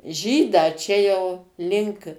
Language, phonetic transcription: Lithuanian, ˈžydą ˈčia jau ˈlink

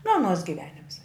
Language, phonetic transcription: Lithuanian, nu aˈnuos giˈvenims

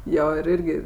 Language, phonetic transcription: Lithuanian, ˈjo ir ˈirgi

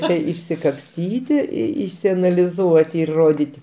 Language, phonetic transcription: Lithuanian, ˈčia isikapˈstyti i isianaliˈzuoti ir ˈroditi

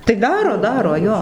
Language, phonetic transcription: Lithuanian, tai ˈdaro ˈdaro ˈjo

